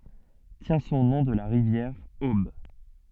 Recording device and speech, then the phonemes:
soft in-ear microphone, read sentence
tjɛ̃ sɔ̃ nɔ̃ də la ʁivjɛʁ ob

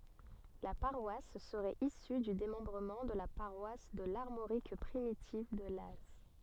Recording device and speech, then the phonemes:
soft in-ear microphone, read sentence
la paʁwas səʁɛt isy dy demɑ̃bʁəmɑ̃ də la paʁwas də laʁmoʁik pʁimitiv də laz

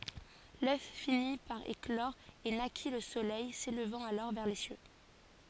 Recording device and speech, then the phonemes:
forehead accelerometer, read sentence
lœf fini paʁ eklɔʁ e naki lə solɛj selvɑ̃t alɔʁ vɛʁ le sjø

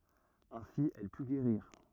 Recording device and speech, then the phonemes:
rigid in-ear microphone, read sentence
ɛ̃si ɛl py ɡeʁiʁ

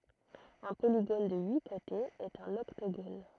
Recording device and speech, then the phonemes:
throat microphone, read sentence
œ̃ poliɡon də yi kotez ɛt œ̃n ɔktoɡon

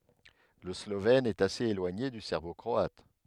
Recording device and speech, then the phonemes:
headset microphone, read sentence
lə slovɛn ɛt asez elwaɲe dy sɛʁbo kʁɔat

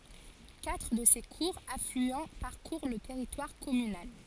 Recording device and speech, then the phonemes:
forehead accelerometer, read sentence
katʁ də se kuʁz aflyɑ̃ paʁkuʁ lə tɛʁitwaʁ kɔmynal

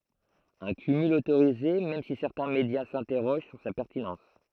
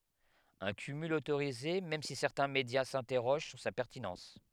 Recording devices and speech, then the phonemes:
throat microphone, headset microphone, read sentence
œ̃ kymyl otoʁize mɛm si sɛʁtɛ̃ medja sɛ̃tɛʁoʒ syʁ sa pɛʁtinɑ̃s

